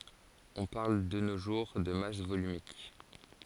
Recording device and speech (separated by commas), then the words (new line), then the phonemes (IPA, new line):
forehead accelerometer, read sentence
On parle de nos jours de masse volumique.
ɔ̃ paʁl də no ʒuʁ də mas volymik